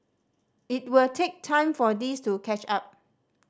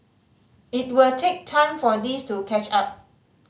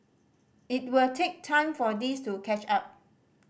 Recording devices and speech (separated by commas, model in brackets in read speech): standing microphone (AKG C214), mobile phone (Samsung C5010), boundary microphone (BM630), read sentence